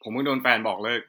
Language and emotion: Thai, sad